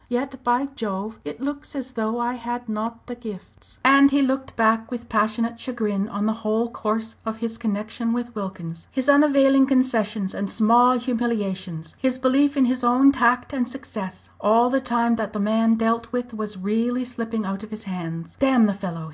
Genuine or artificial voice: genuine